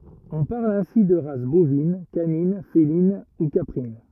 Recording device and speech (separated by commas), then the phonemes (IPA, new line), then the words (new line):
rigid in-ear microphone, read sentence
ɔ̃ paʁl ɛ̃si də ʁas bovin kanin felin u kapʁin
On parle ainsi de races bovines, canines, félines, ou caprines.